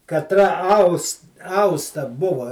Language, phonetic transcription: Lithuanian, katˈra ˈaus ˈausta ˈbuva

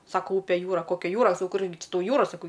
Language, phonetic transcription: Lithuanian, ˈsako ˈupė ˈjūra ˈkokia ˈjūra ˈkurgi ˈči ˈtauˈjūra saˈkau

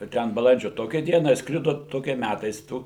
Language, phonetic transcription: Lithuanian, va ˈten baˈlandžio ˈtokią ˈdieną išˈskrido ˈtokia ˈmætais ˈtų

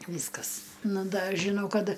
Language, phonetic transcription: Lithuanian, ˈvyskas ˈnu ˈda žiˈnau ˈkad

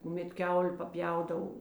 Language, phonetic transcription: Lithuanian, kuˈmet ˈkiaulė paˈpjaudav

